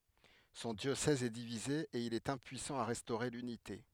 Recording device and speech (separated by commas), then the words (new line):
headset microphone, read sentence
Son diocèse est divisé et il est impuissant à restaurer l'unité.